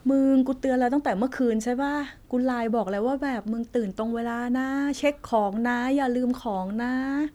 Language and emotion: Thai, frustrated